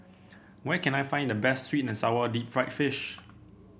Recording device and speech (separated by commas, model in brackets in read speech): boundary microphone (BM630), read sentence